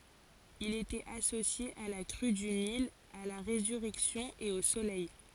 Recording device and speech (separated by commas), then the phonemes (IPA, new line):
forehead accelerometer, read sentence
il etɛt asosje a la kʁy dy nil a la ʁezyʁɛksjɔ̃ e o solɛj